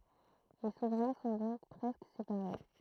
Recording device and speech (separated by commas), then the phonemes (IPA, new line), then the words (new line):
throat microphone, read sentence
le suvʁɛ̃ sɔ̃ dɔ̃k pʁɛskə sepaʁe
Les souverains sont donc presque séparés.